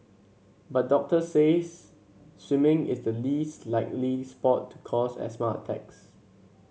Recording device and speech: mobile phone (Samsung C7), read sentence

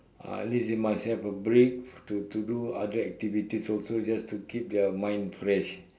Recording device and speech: standing microphone, conversation in separate rooms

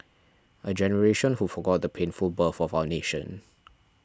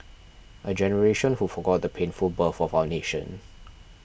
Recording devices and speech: standing microphone (AKG C214), boundary microphone (BM630), read sentence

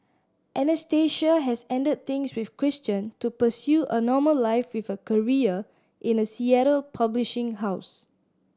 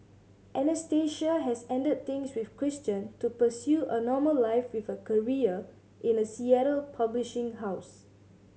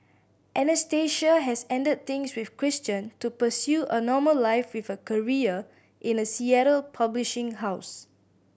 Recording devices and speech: standing microphone (AKG C214), mobile phone (Samsung C7100), boundary microphone (BM630), read sentence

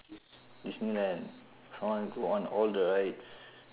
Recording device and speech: telephone, conversation in separate rooms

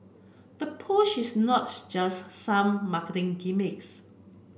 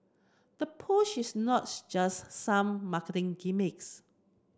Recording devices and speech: boundary microphone (BM630), close-talking microphone (WH30), read sentence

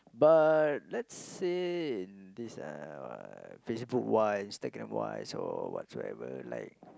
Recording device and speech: close-talking microphone, conversation in the same room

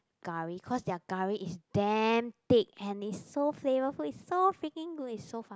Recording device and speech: close-talking microphone, conversation in the same room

